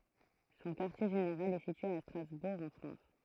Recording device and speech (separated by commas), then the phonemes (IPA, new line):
throat microphone, read sentence
sɔ̃ kaʁtje ʒeneʁal ɛ sitye a stʁazbuʁ ɑ̃ fʁɑ̃s